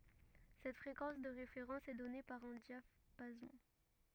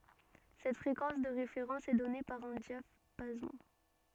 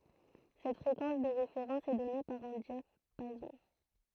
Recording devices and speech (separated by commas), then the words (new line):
rigid in-ear microphone, soft in-ear microphone, throat microphone, read sentence
Cette fréquence de référence est donnée par un diapason.